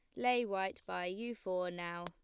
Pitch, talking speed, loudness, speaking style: 185 Hz, 195 wpm, -38 LUFS, plain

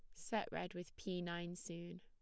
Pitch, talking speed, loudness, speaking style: 175 Hz, 200 wpm, -46 LUFS, plain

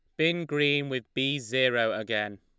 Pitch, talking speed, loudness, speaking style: 130 Hz, 165 wpm, -27 LUFS, Lombard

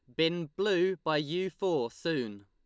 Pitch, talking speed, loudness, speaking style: 165 Hz, 160 wpm, -31 LUFS, Lombard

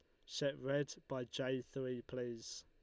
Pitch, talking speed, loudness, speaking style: 130 Hz, 155 wpm, -43 LUFS, Lombard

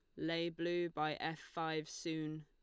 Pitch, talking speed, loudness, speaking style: 160 Hz, 160 wpm, -41 LUFS, Lombard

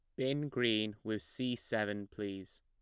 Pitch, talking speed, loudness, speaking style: 110 Hz, 150 wpm, -37 LUFS, plain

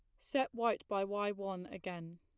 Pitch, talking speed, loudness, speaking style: 200 Hz, 180 wpm, -38 LUFS, plain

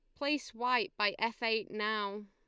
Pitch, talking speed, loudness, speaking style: 220 Hz, 175 wpm, -34 LUFS, Lombard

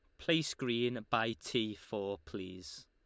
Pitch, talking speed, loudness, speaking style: 110 Hz, 135 wpm, -36 LUFS, Lombard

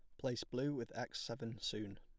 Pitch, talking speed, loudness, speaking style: 115 Hz, 200 wpm, -43 LUFS, plain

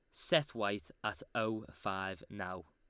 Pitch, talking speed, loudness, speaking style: 105 Hz, 145 wpm, -38 LUFS, Lombard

